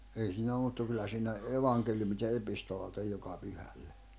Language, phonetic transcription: Finnish, 'ei siinä 'oᵐ mᵘtta 'kyllä siinä , 'evaŋkeljumit ja 'epistolat ‿oj 'joka 'pyhälle .
- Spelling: ei siinä ole mutta kyllä siinä evankeliumit ja epistolat on joka pyhälle

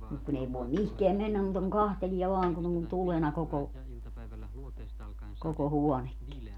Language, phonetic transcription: Finnish, mut 'kun ‿ei voem 'mihkeäm 'mennäm muuta kuŋ 'kahteliɛ vaaŋ kun ‿on "tulena 'koko , koko "huɔnekki .
- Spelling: mutta kun ei voi mihinkään mennä muuta kuin katselee vain kun on tulena koko koko huonekin

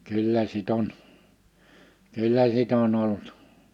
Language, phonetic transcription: Finnish, 'kyllä 'sit ‿on , 'kyllä 'sit ‿on 'olt ,.
- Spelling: kyllä sitten on kyllä sitten on ollut

